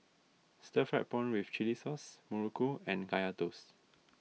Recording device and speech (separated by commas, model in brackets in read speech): mobile phone (iPhone 6), read sentence